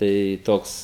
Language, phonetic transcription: Lithuanian, ˈtai ˈtoks

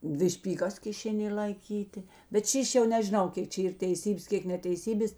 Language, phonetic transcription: Lithuanian, ˈdvi špyˈgas kiˈšėˌnė laiˈkytė bet ˈšyš' jau nežiˈnau ˈkėk čia ˈyr teiˈsybės ˈkėk neteiˈsybės

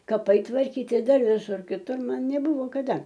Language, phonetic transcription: Lithuanian, kaˈpai tvarˈkyti ˈdar viˈsur kiˈtur ˈman neˈbuvo kaˈda

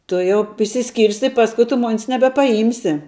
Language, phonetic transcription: Lithuanian, ˈtu jau išsiˈskyrsi ˈpasku tu ˈmon's nebepaˈjymsi

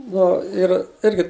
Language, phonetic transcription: Lithuanian, ˈnu ir ˈirgi

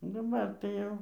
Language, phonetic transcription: Lithuanian, daˈbar tai ˈjau

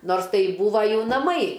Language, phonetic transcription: Lithuanian, ˈnors ˈtai ˈbūva ˈjų naˈmai

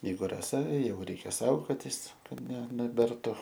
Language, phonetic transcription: Lithuanian, jeiˈgu raˈsa ˈjau ˈreikia ˈsaugotis ˈkad ne neˈbertu

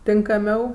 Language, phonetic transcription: Lithuanian, tinkaˈmiau

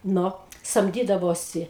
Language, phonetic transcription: Lithuanian, ˈnu samˈdydavosi

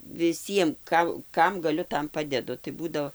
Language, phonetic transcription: Lithuanian, viˈsiem ˈka ˈkam gaˈliu ˈtam ˈpadedu tai ˈbūdo

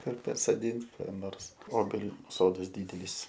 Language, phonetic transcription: Lithuanian, ˈkur pasoˈdint ˈką ˈnors ˈobeliu ˈsodas ˈdydelys

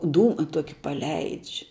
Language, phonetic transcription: Lithuanian, ˈdūma ˈtoki paˈleidž'

